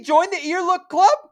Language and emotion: English, surprised